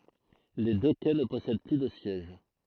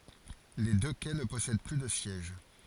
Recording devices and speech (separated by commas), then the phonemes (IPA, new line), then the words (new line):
throat microphone, forehead accelerometer, read sentence
le dø kɛ nə pɔsɛd ply də sjɛʒ
Les deux quais ne possèdent plus de sièges.